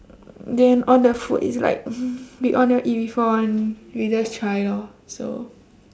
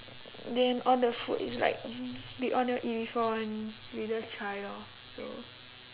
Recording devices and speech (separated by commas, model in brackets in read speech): standing microphone, telephone, conversation in separate rooms